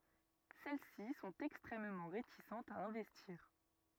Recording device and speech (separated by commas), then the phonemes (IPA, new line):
rigid in-ear microphone, read sentence
sɛl si sɔ̃t ɛkstʁɛmmɑ̃ ʁetisɑ̃tz a ɛ̃vɛstiʁ